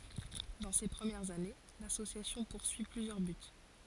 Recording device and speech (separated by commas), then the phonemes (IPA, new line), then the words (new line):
forehead accelerometer, read sentence
dɑ̃ se pʁəmjɛʁz ane lasosjasjɔ̃ puʁsyi plyzjœʁ byt
Dans ses premières années, l'association poursuit plusieurs buts.